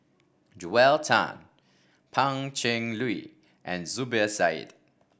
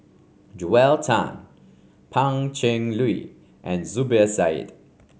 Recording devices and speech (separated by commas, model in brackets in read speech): boundary microphone (BM630), mobile phone (Samsung C5), read sentence